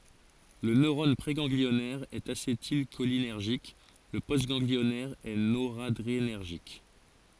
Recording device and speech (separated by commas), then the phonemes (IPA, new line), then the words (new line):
forehead accelerometer, read sentence
lə nøʁɔn pʁeɡɑ̃ɡliɔnɛʁ ɛt asetilʃolinɛʁʒik lə postɡɑ̃ɡliɔnɛʁ ɛ noʁadʁenɛʁʒik
Le neurone préganglionnaire est acétylcholinergique, le postganglionnaire est noradrénergique.